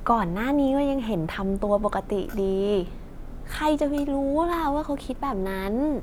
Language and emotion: Thai, frustrated